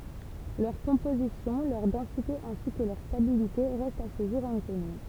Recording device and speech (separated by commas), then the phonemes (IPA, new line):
temple vibration pickup, read sentence
lœʁ kɔ̃pozisjɔ̃ lœʁ dɑ̃site ɛ̃si kə lœʁ stabilite ʁɛstt a sə ʒuʁ ɛ̃kɔny